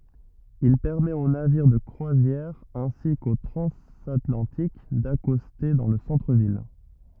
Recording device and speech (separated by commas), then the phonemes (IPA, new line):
rigid in-ear microphone, read sentence
il pɛʁmɛt o naviʁ də kʁwazjɛʁ ɛ̃si ko tʁɑ̃zatlɑ̃tik dakɔste dɑ̃ lə sɑ̃tʁəvil